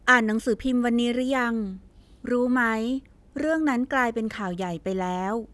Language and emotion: Thai, neutral